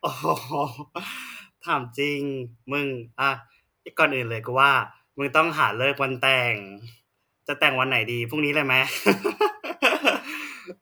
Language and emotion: Thai, happy